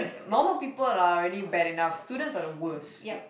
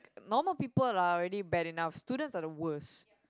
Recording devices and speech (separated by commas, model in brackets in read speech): boundary microphone, close-talking microphone, conversation in the same room